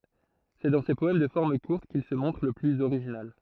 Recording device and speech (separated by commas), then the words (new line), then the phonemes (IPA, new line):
throat microphone, read sentence
C'est dans ces poèmes de formes courtes qu'il se montre le plus original.
sɛ dɑ̃ se pɔɛm də fɔʁm kuʁt kil sə mɔ̃tʁ lə plyz oʁiʒinal